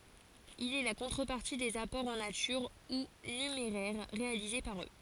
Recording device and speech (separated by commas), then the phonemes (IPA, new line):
forehead accelerometer, read sentence
il ɛ la kɔ̃tʁəpaʁti dez apɔʁz ɑ̃ natyʁ u nymeʁɛʁ ʁealize paʁ ø